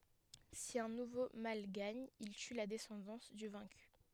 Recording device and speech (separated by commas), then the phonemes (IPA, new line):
headset microphone, read sentence
si œ̃ nuvo mal ɡaɲ il ty la dɛsɑ̃dɑ̃s dy vɛ̃ky